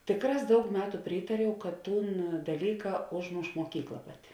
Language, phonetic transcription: Lithuanian, ˈtėkˌrās ˈdaug ˈmetu ˈprytariau kad ˈtūn daˈlyka ˈožˌmoš moˈkykla ˈpaˌti

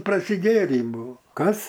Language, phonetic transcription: Lithuanian, prasiˈgėrį ˈbuo ˈkas

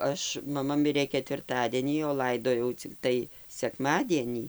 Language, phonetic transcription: Lithuanian, ˈaš maˈma ˈmirė ketvirˈtadienį o ˈlaidojau cikˈtai sekˈmadienį

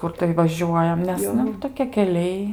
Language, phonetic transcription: Lithuanian, ˈkur tai vaˈžiuojam nes ˈnu toˈkie keˈliai

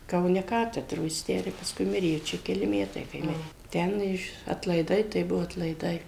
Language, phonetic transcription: Lithuanian, kauˈne ˈkatedro jis ˈtę ir pasˈkui ˈmirė jau ˈčia keˈli ˈmetai kai ˈmirė ˈten iš atlaiˈdai tai ˈbuvo atlaiˈdai

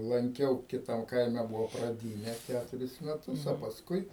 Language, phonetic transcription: Lithuanian, lanˈkiau ˈkitam ˈkaime ˈbuvo praˈdyne ˈkæturis meˈtus o pasˈkui

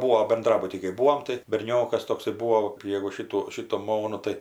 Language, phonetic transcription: Lithuanian, ˈbūo benˈdrabuty kai ˈbūom tai berˈniokas ˈtoksai ˈbūo jegu ˈšitų ˈšitų ˈmonų ˈtai

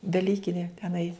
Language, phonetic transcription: Lithuanian, daˈlykini teˈnai

